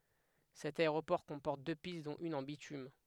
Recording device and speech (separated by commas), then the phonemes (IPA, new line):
headset microphone, read sentence
sɛt aeʁopɔʁ kɔ̃pɔʁt dø pist dɔ̃t yn ɑ̃ bitym